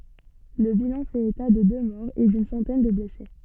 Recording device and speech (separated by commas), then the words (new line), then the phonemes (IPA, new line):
soft in-ear microphone, read sentence
Le bilan fait état de deux morts et d'une centaine de blessés.
lə bilɑ̃ fɛt eta də dø mɔʁz e dyn sɑ̃tɛn də blɛse